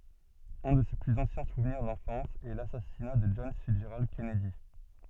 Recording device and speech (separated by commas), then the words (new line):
soft in-ear microphone, read sentence
Un de ses plus anciens souvenirs d'enfance est l'assassinat de John Fitzgerald Kennedy.